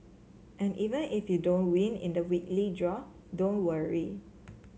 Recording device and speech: mobile phone (Samsung C7), read sentence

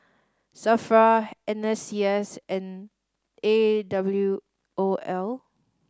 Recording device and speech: standing microphone (AKG C214), read sentence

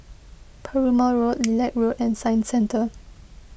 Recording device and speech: boundary microphone (BM630), read sentence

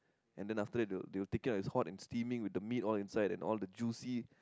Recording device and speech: close-talking microphone, conversation in the same room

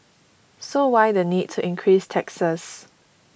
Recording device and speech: boundary microphone (BM630), read sentence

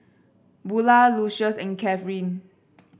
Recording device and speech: boundary microphone (BM630), read sentence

